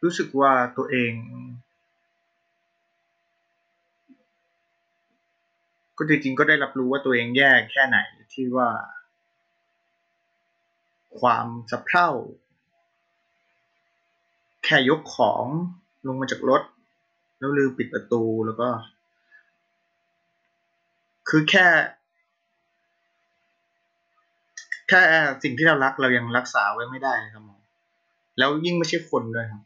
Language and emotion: Thai, sad